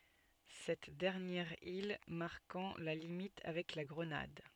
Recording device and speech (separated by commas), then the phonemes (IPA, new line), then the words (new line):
soft in-ear microphone, read sentence
sɛt dɛʁnjɛʁ il maʁkɑ̃ la limit avɛk la ɡʁənad
Cette dernière île marquant la limite avec la Grenade.